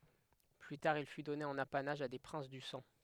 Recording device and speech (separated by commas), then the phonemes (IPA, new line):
headset microphone, read sentence
ply taʁ il fy dɔne ɑ̃n apanaʒ a de pʁɛ̃s dy sɑ̃